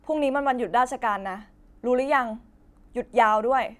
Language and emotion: Thai, neutral